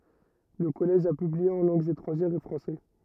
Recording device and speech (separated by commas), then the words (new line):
rigid in-ear microphone, read sentence
Le Collège a publié en langues étrangères au français.